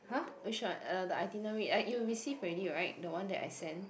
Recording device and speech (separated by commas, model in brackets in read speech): boundary microphone, conversation in the same room